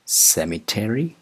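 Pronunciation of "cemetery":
'Cemetery' is pronounced incorrectly here.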